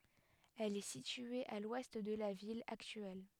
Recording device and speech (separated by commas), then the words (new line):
headset microphone, read sentence
Elle est située à l'ouest de la ville actuelle.